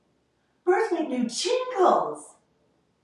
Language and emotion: English, happy